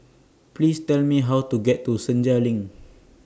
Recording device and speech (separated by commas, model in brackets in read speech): standing microphone (AKG C214), read sentence